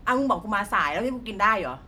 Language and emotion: Thai, angry